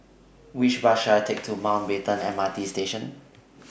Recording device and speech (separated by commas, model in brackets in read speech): boundary microphone (BM630), read sentence